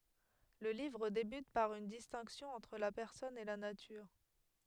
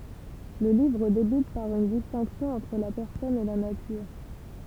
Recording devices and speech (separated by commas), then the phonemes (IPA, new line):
headset microphone, temple vibration pickup, read sentence
lə livʁ debyt paʁ yn distɛ̃ksjɔ̃ ɑ̃tʁ la pɛʁsɔn e la natyʁ